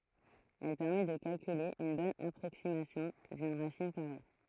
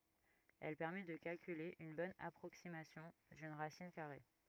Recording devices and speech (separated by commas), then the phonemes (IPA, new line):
throat microphone, rigid in-ear microphone, read sentence
ɛl pɛʁmɛ də kalkyle yn bɔn apʁoksimasjɔ̃ dyn ʁasin kaʁe